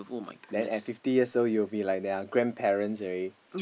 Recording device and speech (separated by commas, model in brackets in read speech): boundary microphone, conversation in the same room